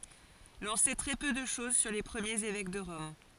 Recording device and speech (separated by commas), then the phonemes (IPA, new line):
forehead accelerometer, read sentence
lɔ̃ sɛ tʁɛ pø də ʃɔz syʁ le pʁəmjez evɛk də ʁɔm